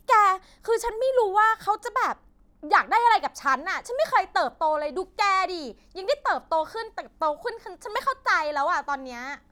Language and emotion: Thai, angry